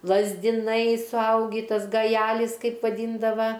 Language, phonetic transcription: Lithuanian, lazdiˈnai suˈaugį ˈtas gaˈjelis ˈkaip vaˈdyndava

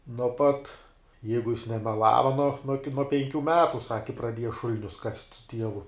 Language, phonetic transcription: Lithuanian, nuo ˈpat ˈjeigu jis nemeˈlava nuo nuo ki penˈkių ˈmetu ˈsaki praˈdieja ˈšul'nius kast' su ˈtievu

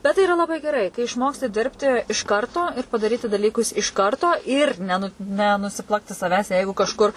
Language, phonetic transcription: Lithuanian, ˈbet tai iˈra laˈbai geˈrai kai išˈmoksti ˈdirbti iš ˈkarto ir padaˈryti daˈlykus iš ˈkarto ir ˈnenu nusiˈplakti saˈvęs ˈjeigu kažˈkur

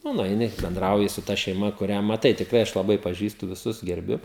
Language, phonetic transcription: Lithuanian, ˈnu nueiˈni benˈdrauji su ta šeiˈma kuˈrią maˈtai tikˈrai ˈaš laˈbai paˈžįstu viˈsus gerˈbiu

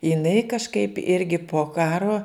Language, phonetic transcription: Lithuanian, jiˈnai kažˈkaip ˈirgi po ˈkaro

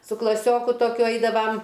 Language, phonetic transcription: Lithuanian, su klaˈsioku toˈkiu ˈaidavam

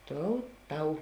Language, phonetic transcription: Lithuanian, ˈtou ˈtau

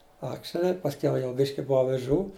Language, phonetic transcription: Lithuanian, ˈakšeli pasˈkiau jau ˈbiški ˈbov aviˈžų

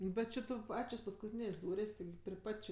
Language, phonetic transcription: Lithuanian, ˈbet či ˈtu ˈpačios paskuˈtynės' ˈdūrės' tiˈgi pri ˈpat' či

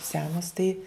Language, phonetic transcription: Lithuanian, ˈsenos tai

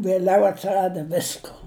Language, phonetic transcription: Lithuanian, vieˈliau atsiˈrada ˈvisko

